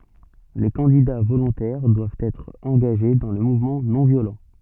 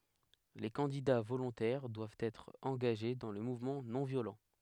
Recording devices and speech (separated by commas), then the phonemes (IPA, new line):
soft in-ear microphone, headset microphone, read sentence
le kɑ̃dida volɔ̃tɛʁ dwavt ɛtʁ ɑ̃ɡaʒe dɑ̃ lə muvmɑ̃ nɔ̃ vjolɑ̃